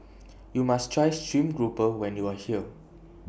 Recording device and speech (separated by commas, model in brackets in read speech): boundary microphone (BM630), read sentence